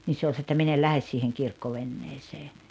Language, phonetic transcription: Finnish, nii 'se oĺ s[anonut] ‿että » 'min ‿el "lähes siiheŋ 'kirkkovenneesee « .
- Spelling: niin se oli sanonut että minä en lähde siihen kirkkoveneeseen

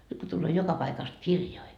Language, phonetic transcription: Finnish, nyt ko tulloo 'joka paikast "kirjoi .
- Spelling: nyt kun tulee joka paikasta kirjoja

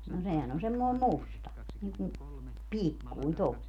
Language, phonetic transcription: Finnish, no 'sehän ‿on 'semmoi̮m "musta , niiŋkum , "pikkuin 'to(mmoi) .
- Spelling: no sehän on semmoinen musta niin kuin pikkuinen tuommoinen

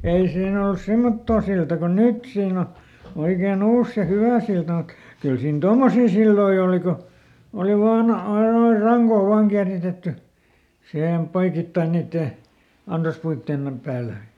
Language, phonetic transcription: Finnish, ˈei ˈsiin ‿olᵘs "semmottoo silta ko "nyt siin ‿o , ˈoikeeˈn ‿ollus se "hyvä̀ silta mut , ˈkyl ˈsiin "tommosii silloi ooli ko , oli ˈvaaˈn ‿ai noi "raŋkoo ˈvaaŋ kiäritetty , ˈsihem ˈpoikittai niittè , ˈansaspuittèn , ˈpäälä .
- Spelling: ei siinä ollut semmottoon siltaa kuin nyt siinä on oikein ollut se hyvä silta mutta kyllä siinä tuommoisia silloin oli kun oli vain aina noin rankaa vain kieritetty siihen poikittain niiden ansaspuiden päällä

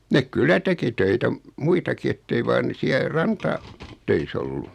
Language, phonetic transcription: Finnish, 'nek "kyl̆lä teki 'töitä m- , 'muitaki ettei 'vaan ne 'siä 'ranta- , -töis ‿ollu .
- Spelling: ne kyllä teki töitä - muitakin että ei vain ne siellä - rantatöissä ollut

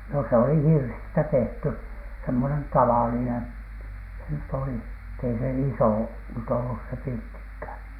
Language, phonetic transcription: Finnish, no s ‿oli "hirsistä 'tehty , semmonen 'tavalinen , se nyt ‿oli , ett ‿ei se "isò nyt ollus se 'pirttikhä̀n .
- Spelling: no se oli hirsistä tehty semmoinen tavallinen se nyt oli että ei se iso nyt ollut se pirttikään

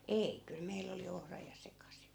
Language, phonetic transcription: Finnish, "ei , kyl 'meill ‿oli 'ohra ja 'sekasi .
- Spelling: ei kyllä meillä oli ohra ja sekaisin

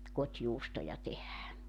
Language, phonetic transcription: Finnish, 'kot́juustoja tehää .
- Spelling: kotijuustoja tehdään

